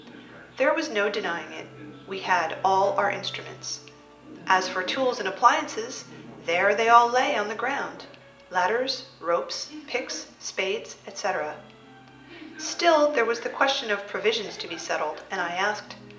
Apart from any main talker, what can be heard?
A television.